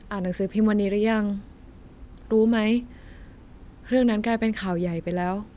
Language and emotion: Thai, frustrated